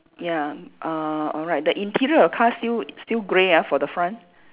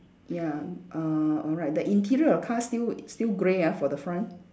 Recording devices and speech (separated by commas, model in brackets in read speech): telephone, standing microphone, conversation in separate rooms